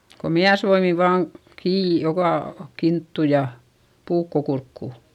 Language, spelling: Finnish, kun miesvoimin vain kiinni joka kinttu ja puukko kurkkuun
- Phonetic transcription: ko miäsvoimi vaaŋ , kii , jokà , kinttu ja , puukko kurkkù .

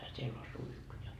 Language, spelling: Finnish, siellä on suihku ja
- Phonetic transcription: 'siell ‿o 'suihku ja .

